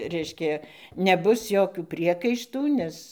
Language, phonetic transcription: Lithuanian, ˈreiškia neˈbus ˈjokių ˈpriekaištų ˈnes

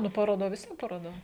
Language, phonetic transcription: Lithuanian, ˈnu paroˈda vis ˈvien paroˈ da

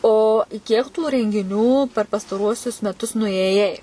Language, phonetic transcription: Lithuanian, o ˈkiek tų rengiˈnių per pastaˈruosius meˈtus nuėˈjai

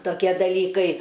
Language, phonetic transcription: Lithuanian, toˈkie daˈlykai

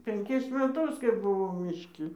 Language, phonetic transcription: Lithuanian, penˈkis meˈtus kai buˈvau mišˈki

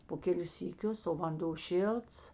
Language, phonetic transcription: Lithuanian, po ˈkelis syˈkius o vanˈdo ˈšilts

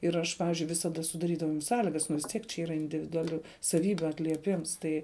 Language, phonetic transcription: Lithuanian, ir ˈaš ˈpavizdžiui visaˈda sudaˈrydavau jam ˈsąligas nu vis ˈtiek čia ˈyra individuaˈlių saˈvybių atlieˈpims ˈtai

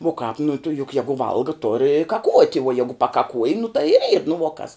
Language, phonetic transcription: Lithuanian, uo kāp nu tu juk ˈjegu ˈvalga tor i kaˈkuot' uo ˈjegu pakaˈkuoj nu tai ir yr nu vuo kas

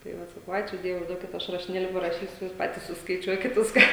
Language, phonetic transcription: Lithuanian, tai ˈvat saˈkau ˈačiū ˈdievui ˈduokit ˈaš rašiˈnėli paraˈšysiu ˈjūs ˈpatys suskaiˈčiuokit ˈviską

